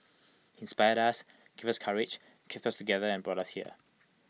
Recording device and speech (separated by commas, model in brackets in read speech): mobile phone (iPhone 6), read sentence